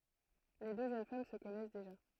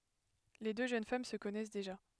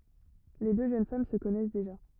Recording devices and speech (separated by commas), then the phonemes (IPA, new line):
throat microphone, headset microphone, rigid in-ear microphone, read sentence
le dø ʒøn fam sə kɔnɛs deʒa